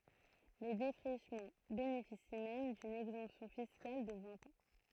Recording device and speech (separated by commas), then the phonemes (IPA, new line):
throat microphone, read sentence
le defʁiʃmɑ̃ benefisi mɛm dyn ɛɡzɑ̃psjɔ̃ fiskal də vɛ̃t ɑ̃